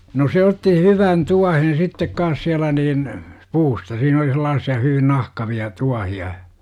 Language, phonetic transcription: Finnish, no 'se otti "hyvan "tuahen 'sittek kaas 'siälä niin , "puusta siin ‿oli 'selaassi₍a hyvin 'nahkavi₍a , "tuahi₍a .
- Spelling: no se otti hyvän tuohen sitten kanssa siellä niin puusta siinä oli sellaisia hyvin nahkavia tuohia

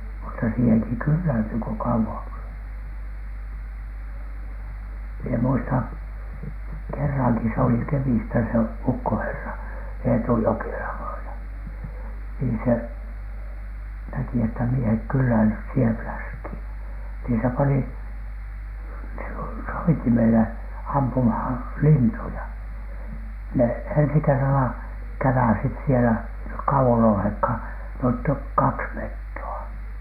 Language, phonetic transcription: Finnish, mutta siiheŋki "kylläintyy ko 'kauw(ON s-) , mie muistan , 'kerraŋki , s ‿oli 'Kemistä se "ukkoherra , 'Eetu ‿jokela -vaina , nii se , näki että miehek kylläinyit̳ siihev "fläskhìN , nii se pani , so- , 'soitimele ampumhan , "lintuja , ne ensi kerrala , 'käväsit̳ sielä , (ei nek) kauwon olhèkhan , net toik "kaks "metto₍a .
- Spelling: mutta siihenkin kyllästyy kun kauan - minä muistan kerrankin se oli Kemistä se ukkoherra Eetu Jokela vainaa niin se näki että miehet kyllästyivät siihen läskiin niin se pani - soitimelle ampumaan lintuja ne ensi kerralla käväisivät siellä ei ne kauan olleetkaan ne toivat kaksi metsoa

